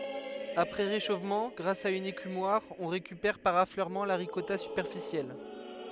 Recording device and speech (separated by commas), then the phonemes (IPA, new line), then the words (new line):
headset microphone, read sentence
apʁɛ ʁeʃofmɑ̃ ɡʁas a yn ekymwaʁ ɔ̃ ʁekypɛʁ paʁ afløʁmɑ̃ la ʁikɔta sypɛʁfisjɛl
Après réchauffement, grâce à une écumoire, on récupère par affleurement la ricotta superficielle.